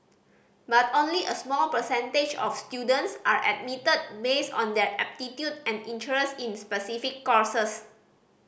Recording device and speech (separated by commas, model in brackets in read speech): boundary microphone (BM630), read sentence